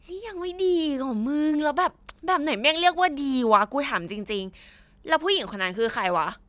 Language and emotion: Thai, frustrated